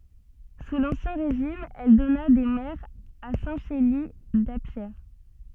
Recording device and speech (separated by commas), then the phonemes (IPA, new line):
soft in-ear microphone, read sentence
su lɑ̃sjɛ̃ ʁeʒim ɛl dɔna de mɛʁz a sɛ̃ ʃeli dapʃe